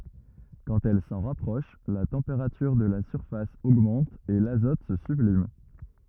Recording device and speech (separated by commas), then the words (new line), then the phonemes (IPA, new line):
rigid in-ear microphone, read sentence
Quand elle s'en rapproche, la température de la surface augmente et l'azote se sublime.
kɑ̃t ɛl sɑ̃ ʁapʁɔʃ la tɑ̃peʁatyʁ də la syʁfas oɡmɑ̃t e lazɔt sə syblim